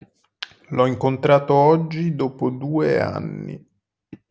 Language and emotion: Italian, neutral